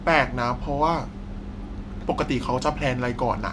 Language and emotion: Thai, frustrated